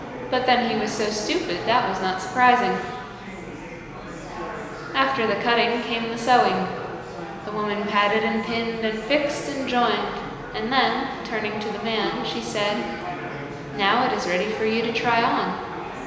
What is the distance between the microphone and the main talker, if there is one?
1.7 m.